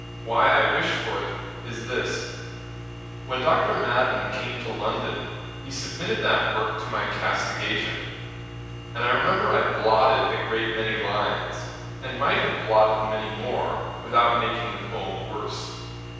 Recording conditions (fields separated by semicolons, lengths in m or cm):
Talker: one person; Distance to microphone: 7.1 m; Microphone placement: far; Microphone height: 1.7 m; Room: very reverberant, large; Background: none